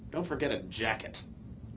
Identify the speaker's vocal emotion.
disgusted